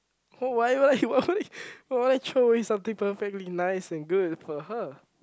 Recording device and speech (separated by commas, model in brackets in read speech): close-talking microphone, conversation in the same room